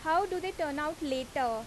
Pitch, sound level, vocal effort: 300 Hz, 89 dB SPL, very loud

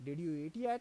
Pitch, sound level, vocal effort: 160 Hz, 90 dB SPL, normal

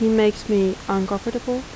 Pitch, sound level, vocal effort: 215 Hz, 80 dB SPL, soft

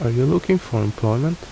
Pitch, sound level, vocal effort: 125 Hz, 74 dB SPL, soft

